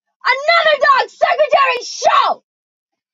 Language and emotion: English, disgusted